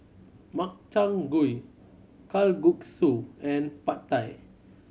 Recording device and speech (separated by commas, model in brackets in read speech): mobile phone (Samsung C7100), read sentence